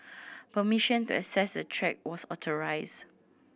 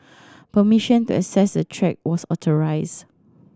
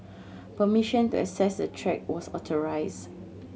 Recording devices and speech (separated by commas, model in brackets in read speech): boundary microphone (BM630), standing microphone (AKG C214), mobile phone (Samsung C7100), read sentence